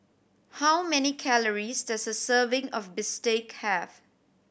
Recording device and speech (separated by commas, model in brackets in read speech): boundary microphone (BM630), read sentence